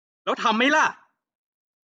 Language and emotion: Thai, angry